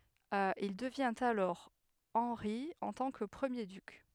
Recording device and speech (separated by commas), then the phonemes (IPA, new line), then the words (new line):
headset microphone, read sentence
il dəvjɛ̃t alɔʁ ɑ̃ʁi ɑ̃ tɑ̃ kə pʁəmje dyk
Il devient alors Henri en tant que premier duc.